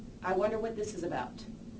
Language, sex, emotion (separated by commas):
English, female, neutral